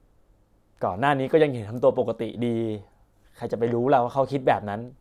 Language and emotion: Thai, frustrated